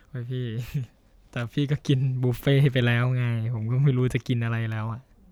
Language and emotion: Thai, frustrated